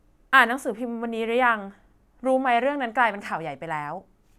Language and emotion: Thai, neutral